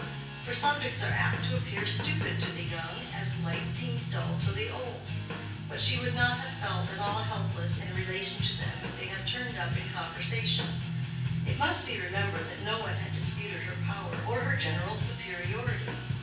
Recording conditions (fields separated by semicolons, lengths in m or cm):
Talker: one person; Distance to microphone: 9.8 m; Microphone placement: far; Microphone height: 1.8 m; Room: large; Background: music